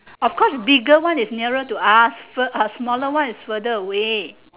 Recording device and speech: telephone, conversation in separate rooms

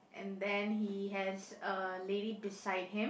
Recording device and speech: boundary microphone, conversation in the same room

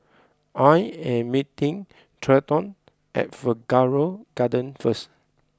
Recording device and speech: close-talking microphone (WH20), read sentence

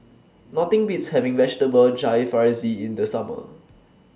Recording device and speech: standing microphone (AKG C214), read sentence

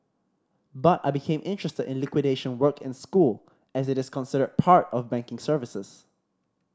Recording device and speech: standing microphone (AKG C214), read sentence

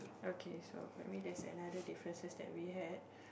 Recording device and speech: boundary microphone, conversation in the same room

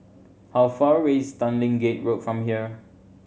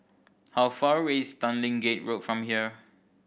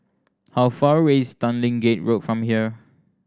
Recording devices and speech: mobile phone (Samsung C7100), boundary microphone (BM630), standing microphone (AKG C214), read sentence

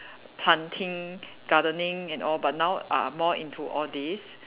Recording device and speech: telephone, conversation in separate rooms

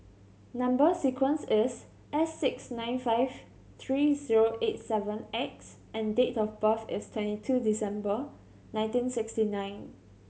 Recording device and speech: mobile phone (Samsung C7100), read sentence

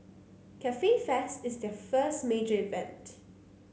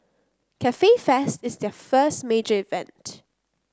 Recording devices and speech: mobile phone (Samsung C9), close-talking microphone (WH30), read sentence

